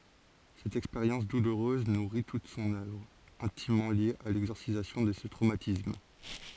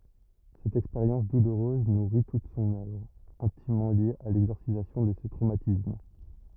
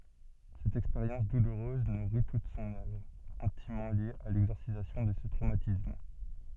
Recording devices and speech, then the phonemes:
forehead accelerometer, rigid in-ear microphone, soft in-ear microphone, read sentence
sɛt ɛkspeʁjɑ̃s duluʁøz nuʁi tut sɔ̃n œvʁ ɛ̃timmɑ̃ lje a lɛɡzɔʁsizasjɔ̃ də sə tʁomatism

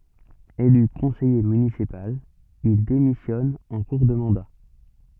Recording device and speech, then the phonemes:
soft in-ear microphone, read sentence
ely kɔ̃sɛje mynisipal il demisjɔn ɑ̃ kuʁ də mɑ̃da

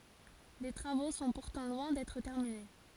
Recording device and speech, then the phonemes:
forehead accelerometer, read sentence
le tʁavo sɔ̃ puʁtɑ̃ lwɛ̃ dɛtʁ tɛʁmine

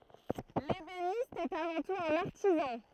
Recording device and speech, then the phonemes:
throat microphone, read sentence
lebenist ɛt avɑ̃ tut œ̃n aʁtizɑ̃

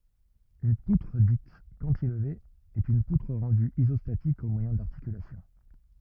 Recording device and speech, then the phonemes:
rigid in-ear microphone, read sentence
yn putʁ dit kɑ̃tilve ɛt yn putʁ ʁɑ̃dy izɔstatik o mwajɛ̃ daʁtikylasjɔ̃

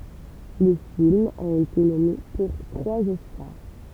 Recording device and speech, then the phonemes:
temple vibration pickup, read sentence
lə film a ete nɔme puʁ tʁwaz ɔskaʁ

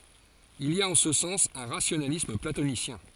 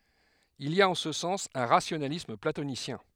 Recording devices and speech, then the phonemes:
forehead accelerometer, headset microphone, read sentence
il i a ɑ̃ sə sɑ̃s œ̃ ʁasjonalism platonisjɛ̃

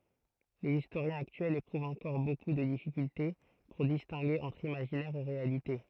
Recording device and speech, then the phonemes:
throat microphone, read sentence
lez istoʁjɛ̃z aktyɛlz epʁuvt ɑ̃kɔʁ boku də difikylte puʁ distɛ̃ɡe ɑ̃tʁ imaʒinɛʁ e ʁealite

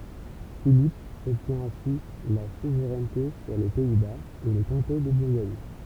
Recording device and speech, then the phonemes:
temple vibration pickup, read sentence
filip ɔbtjɛ̃ ɛ̃si la suvʁɛnte syʁ le pɛi baz e lə kɔ̃te də buʁɡɔɲ

